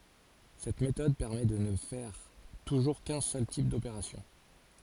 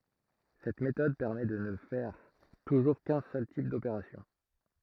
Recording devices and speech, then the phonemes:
forehead accelerometer, throat microphone, read sentence
sɛt metɔd pɛʁmɛ də nə fɛʁ tuʒuʁ kœ̃ sœl tip dopeʁasjɔ̃

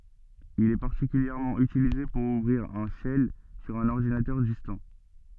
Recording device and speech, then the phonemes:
soft in-ear microphone, read sentence
il ɛ paʁtikyljɛʁmɑ̃ ytilize puʁ uvʁiʁ œ̃ ʃɛl syʁ œ̃n ɔʁdinatœʁ distɑ̃

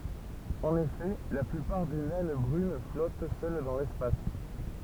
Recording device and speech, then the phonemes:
temple vibration pickup, read sentence
ɑ̃n efɛ la plypaʁ de nɛn bʁyn flɔt sœl dɑ̃ lɛspas

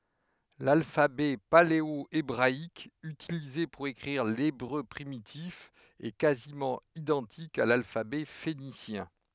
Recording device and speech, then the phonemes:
headset microphone, read sentence
lalfabɛ paleoebʁaik ytilize puʁ ekʁiʁ lebʁø pʁimitif ɛ kazimɑ̃ idɑ̃tik a lalfabɛ fenisjɛ̃

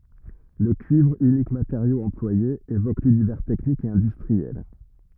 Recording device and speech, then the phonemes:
rigid in-ear microphone, read sentence
lə kyivʁ ynik mateʁjo ɑ̃plwaje evok lynivɛʁ tɛknik e ɛ̃dystʁiɛl

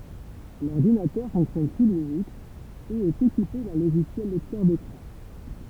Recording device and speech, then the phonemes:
temple vibration pickup, read sentence
lɔʁdinatœʁ fɔ̃ksjɔn su linyks e ɛt ekipe dœ̃ loʒisjɛl lɛktœʁ dekʁɑ̃

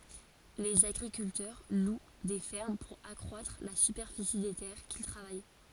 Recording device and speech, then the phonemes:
forehead accelerometer, read sentence
lez aɡʁikyltœʁ lw de fɛʁm puʁ akʁwatʁ la sypɛʁfisi de tɛʁ kil tʁavaj

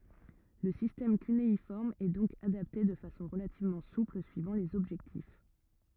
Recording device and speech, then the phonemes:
rigid in-ear microphone, read sentence
lə sistɛm kyneifɔʁm ɛ dɔ̃k adapte də fasɔ̃ ʁəlativmɑ̃ supl syivɑ̃ lez ɔbʒɛktif

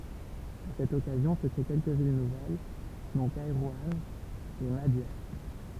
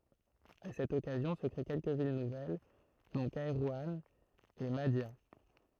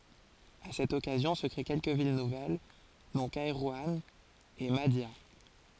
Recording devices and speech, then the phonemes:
temple vibration pickup, throat microphone, forehead accelerometer, read sentence
a sɛt ɔkazjɔ̃ sə kʁe kɛlkə vil nuvɛl dɔ̃ kɛʁwɑ̃ e madja

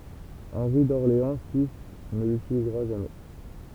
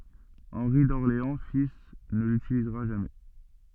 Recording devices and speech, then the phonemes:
temple vibration pickup, soft in-ear microphone, read sentence
ɑ̃ʁi dɔʁleɑ̃ fil nə lytilizʁa ʒamɛ

